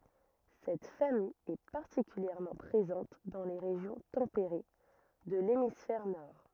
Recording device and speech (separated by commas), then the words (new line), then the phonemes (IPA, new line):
rigid in-ear microphone, read sentence
Cette famille est particulièrement présente dans les régions tempérées de l'hémisphère nord.
sɛt famij ɛ paʁtikyljɛʁmɑ̃ pʁezɑ̃t dɑ̃ le ʁeʒjɔ̃ tɑ̃peʁe də lemisfɛʁ nɔʁ